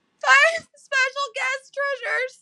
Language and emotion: English, sad